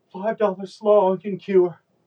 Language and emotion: English, fearful